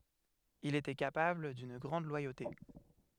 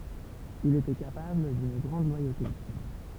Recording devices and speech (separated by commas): headset microphone, temple vibration pickup, read sentence